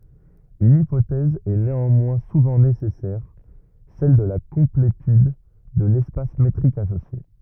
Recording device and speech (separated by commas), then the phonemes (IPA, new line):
rigid in-ear microphone, read sentence
yn ipotɛz ɛ neɑ̃mwɛ̃ suvɑ̃ nesɛsɛʁ sɛl də la kɔ̃pletyd də lɛspas metʁik asosje